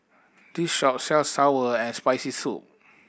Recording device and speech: boundary microphone (BM630), read sentence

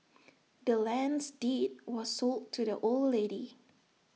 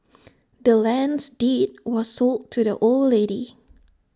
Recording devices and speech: mobile phone (iPhone 6), standing microphone (AKG C214), read sentence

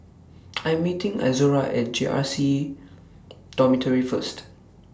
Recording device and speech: standing microphone (AKG C214), read sentence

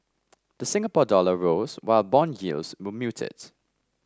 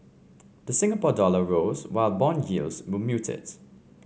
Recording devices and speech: standing microphone (AKG C214), mobile phone (Samsung C5), read sentence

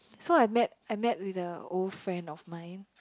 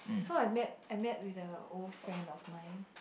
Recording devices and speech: close-talking microphone, boundary microphone, conversation in the same room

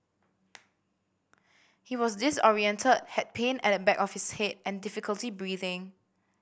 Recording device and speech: boundary microphone (BM630), read sentence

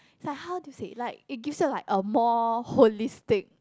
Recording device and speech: close-talking microphone, conversation in the same room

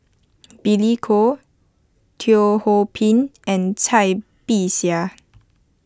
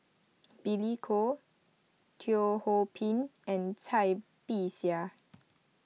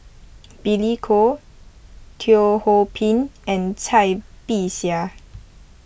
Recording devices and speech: close-talking microphone (WH20), mobile phone (iPhone 6), boundary microphone (BM630), read sentence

